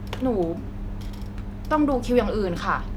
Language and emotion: Thai, frustrated